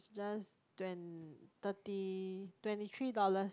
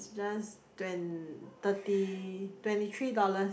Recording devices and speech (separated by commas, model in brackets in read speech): close-talking microphone, boundary microphone, conversation in the same room